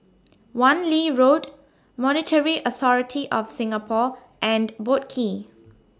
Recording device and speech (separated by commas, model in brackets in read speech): standing microphone (AKG C214), read sentence